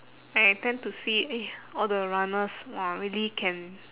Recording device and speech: telephone, conversation in separate rooms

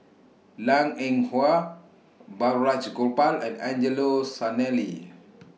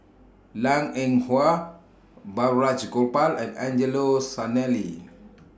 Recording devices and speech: mobile phone (iPhone 6), standing microphone (AKG C214), read sentence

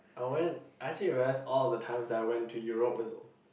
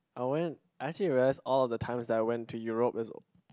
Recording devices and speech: boundary microphone, close-talking microphone, conversation in the same room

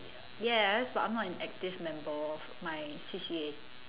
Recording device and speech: telephone, conversation in separate rooms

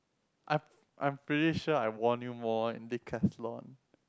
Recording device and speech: close-talking microphone, conversation in the same room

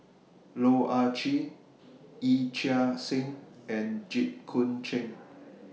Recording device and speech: mobile phone (iPhone 6), read sentence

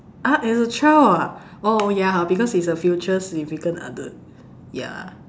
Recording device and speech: standing microphone, conversation in separate rooms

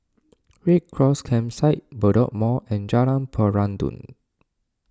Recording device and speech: standing microphone (AKG C214), read sentence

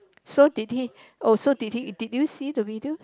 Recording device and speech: close-talking microphone, conversation in the same room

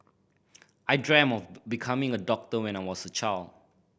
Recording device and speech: boundary microphone (BM630), read sentence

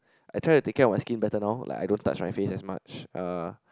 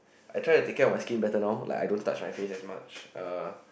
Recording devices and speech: close-talking microphone, boundary microphone, conversation in the same room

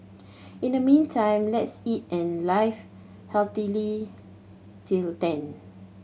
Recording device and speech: mobile phone (Samsung C7100), read sentence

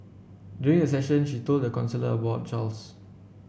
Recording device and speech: boundary microphone (BM630), read sentence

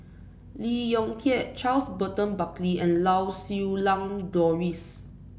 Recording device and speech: boundary microphone (BM630), read sentence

